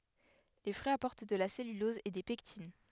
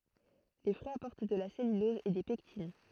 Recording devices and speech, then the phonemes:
headset microphone, throat microphone, read sentence
le fʁyiz apɔʁt də la sɛlylɔz e de pɛktin

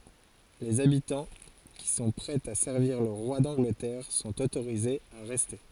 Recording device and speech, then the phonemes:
forehead accelerometer, read sentence
lez abitɑ̃ ki sɔ̃ pʁɛz a sɛʁviʁ lə ʁwa dɑ̃ɡlətɛʁ sɔ̃t otoʁizez a ʁɛste

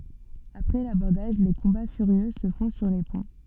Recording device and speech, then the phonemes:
soft in-ear microphone, read sentence
apʁɛ labɔʁdaʒ le kɔ̃ba fyʁjø sə fɔ̃ syʁ le pɔ̃

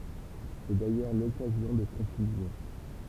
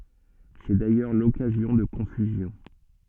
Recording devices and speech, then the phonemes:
temple vibration pickup, soft in-ear microphone, read sentence
sɛ dajœʁ lɔkazjɔ̃ də kɔ̃fyzjɔ̃

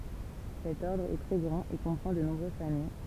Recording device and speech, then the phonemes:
temple vibration pickup, read sentence
sɛt ɔʁdʁ ɛ tʁɛ ɡʁɑ̃t e kɔ̃pʁɑ̃ də nɔ̃bʁøz famij

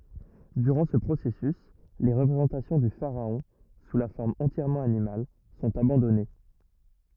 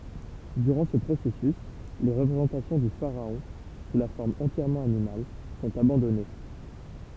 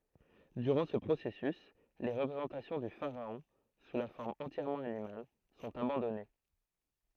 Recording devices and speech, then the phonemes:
rigid in-ear microphone, temple vibration pickup, throat microphone, read sentence
dyʁɑ̃ sə pʁosɛsys le ʁəpʁezɑ̃tasjɔ̃ dy faʁaɔ̃ su la fɔʁm ɑ̃tjɛʁmɑ̃ animal sɔ̃t abɑ̃dɔne

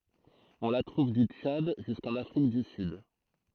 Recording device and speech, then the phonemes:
throat microphone, read sentence
ɔ̃ la tʁuv dy tʃad ʒyskɑ̃n afʁik dy syd

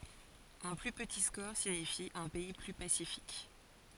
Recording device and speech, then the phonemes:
forehead accelerometer, read sentence
œ̃ ply pəti skɔʁ siɲifi œ̃ pɛi ply pasifik

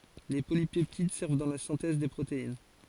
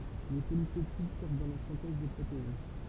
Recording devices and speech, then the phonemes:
forehead accelerometer, temple vibration pickup, read sentence
le polipɛptid sɛʁv dɑ̃ la sɛ̃tɛz de pʁotein

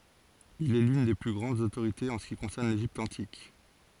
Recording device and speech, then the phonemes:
forehead accelerometer, read sentence
il ɛ lyn de ply ɡʁɑ̃dz otoʁitez ɑ̃ sə ki kɔ̃sɛʁn leʒipt ɑ̃tik

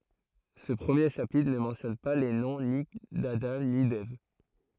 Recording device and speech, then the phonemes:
throat microphone, read sentence
sə pʁəmje ʃapitʁ nə mɑ̃tjɔn pa le nɔ̃ ni dadɑ̃ ni dɛv

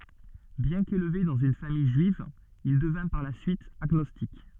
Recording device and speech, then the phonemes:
soft in-ear microphone, read sentence
bjɛ̃ kelve dɑ̃z yn famij ʒyiv il dəvɛ̃ paʁ la syit aɡnɔstik

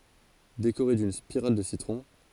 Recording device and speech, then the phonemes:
forehead accelerometer, read sentence
dekoʁe dyn spiʁal də sitʁɔ̃

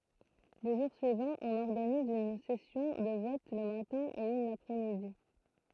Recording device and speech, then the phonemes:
throat microphone, read sentence
le ʒuʁ syivɑ̃z ɔ̃n ɔʁɡaniz yn sɛsjɔ̃ də vɔt lə matɛ̃ e yn lapʁɛsmidi

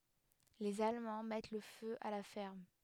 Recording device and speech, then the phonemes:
headset microphone, read sentence
lez almɑ̃ mɛt lə fø a la fɛʁm

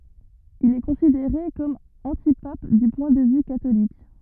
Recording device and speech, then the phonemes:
rigid in-ear microphone, read sentence
il ɛ kɔ̃sideʁe kɔm ɑ̃tipap dy pwɛ̃ də vy katolik

